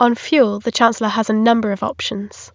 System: none